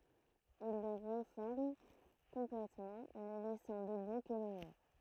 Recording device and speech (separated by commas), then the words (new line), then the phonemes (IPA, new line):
throat microphone, read sentence
Il le réforme complètement ne laissant debout que les murs.
il lə ʁefɔʁm kɔ̃plɛtmɑ̃ nə lɛsɑ̃ dəbu kə le myʁ